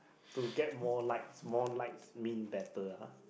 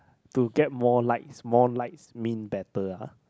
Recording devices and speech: boundary microphone, close-talking microphone, conversation in the same room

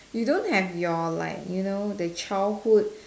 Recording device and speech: standing microphone, conversation in separate rooms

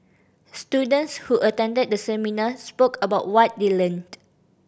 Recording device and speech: boundary microphone (BM630), read sentence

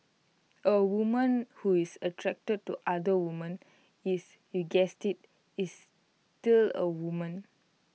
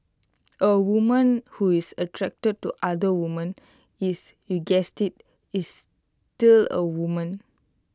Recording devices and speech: mobile phone (iPhone 6), close-talking microphone (WH20), read sentence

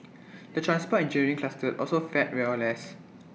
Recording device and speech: mobile phone (iPhone 6), read sentence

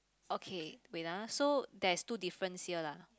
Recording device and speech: close-talking microphone, conversation in the same room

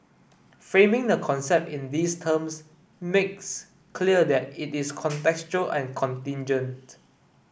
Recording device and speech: boundary microphone (BM630), read sentence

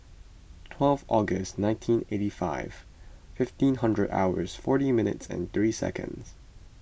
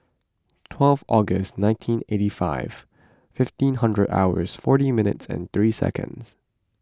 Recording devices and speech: boundary microphone (BM630), close-talking microphone (WH20), read sentence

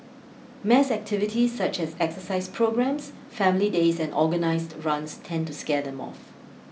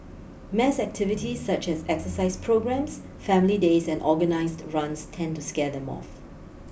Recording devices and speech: mobile phone (iPhone 6), boundary microphone (BM630), read sentence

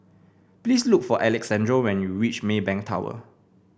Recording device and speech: boundary microphone (BM630), read sentence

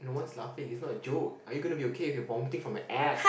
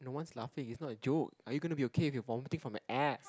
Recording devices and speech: boundary microphone, close-talking microphone, conversation in the same room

